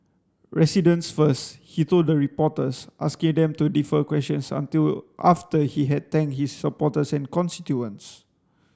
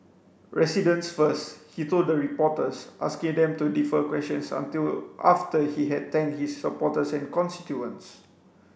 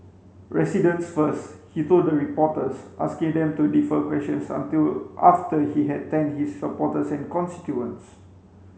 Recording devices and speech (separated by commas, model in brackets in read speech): standing microphone (AKG C214), boundary microphone (BM630), mobile phone (Samsung C5), read sentence